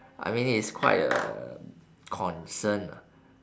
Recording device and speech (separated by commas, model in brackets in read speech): standing microphone, conversation in separate rooms